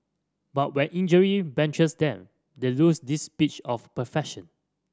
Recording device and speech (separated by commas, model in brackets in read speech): standing microphone (AKG C214), read sentence